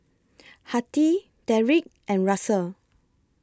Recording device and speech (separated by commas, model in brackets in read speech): close-talking microphone (WH20), read sentence